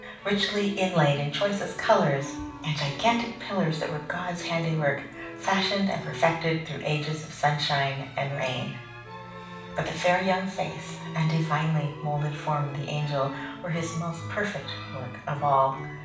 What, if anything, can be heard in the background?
Music.